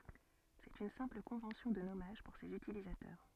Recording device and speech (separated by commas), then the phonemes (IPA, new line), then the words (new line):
soft in-ear microphone, read sentence
sɛt yn sɛ̃pl kɔ̃vɑ̃sjɔ̃ də nɔmaʒ puʁ sez ytilizatœʁ
C'est une simple convention de nommage pour ses utilisateurs.